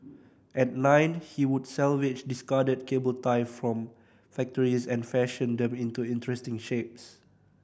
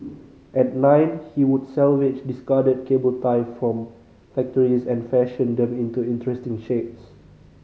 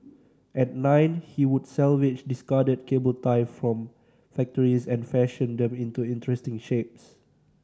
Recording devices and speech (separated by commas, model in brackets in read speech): boundary microphone (BM630), mobile phone (Samsung C5010), standing microphone (AKG C214), read sentence